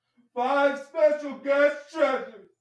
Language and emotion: English, sad